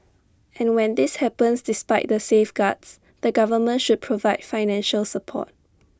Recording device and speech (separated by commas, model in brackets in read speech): standing microphone (AKG C214), read sentence